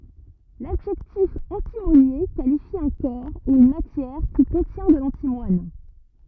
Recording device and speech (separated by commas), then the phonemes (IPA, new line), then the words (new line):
rigid in-ear microphone, read sentence
ladʒɛktif ɑ̃timonje kalifi œ̃ kɔʁ u yn matjɛʁ ki kɔ̃tjɛ̃ də lɑ̃timwan
L'adjectif antimonié qualifie un corps ou une matière qui contient de l'antimoine.